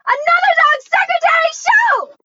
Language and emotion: English, fearful